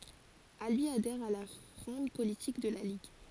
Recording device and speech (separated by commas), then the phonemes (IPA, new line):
forehead accelerometer, read sentence
albi adɛʁ a la fʁɔ̃d politik də la liɡ